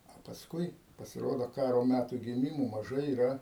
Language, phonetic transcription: Lithuanian, a pasˈkui pasiˈrodo ˈkaro ˈmætų giˈmimo maˈžai yˈra

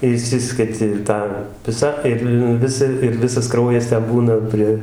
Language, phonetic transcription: Lithuanian, iˈšsisketi ˈtą ˈvisa ˈir ˈvisa ir ˈvisas ˈkraujas ˈten ˈbūna ˈprie

